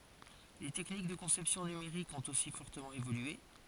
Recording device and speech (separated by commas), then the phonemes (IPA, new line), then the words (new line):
forehead accelerometer, read sentence
le tɛknik də kɔ̃sɛpsjɔ̃ nymeʁikz ɔ̃t osi fɔʁtəmɑ̃ evolye
Les techniques de conception numériques ont aussi fortement évolué.